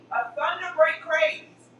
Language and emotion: English, happy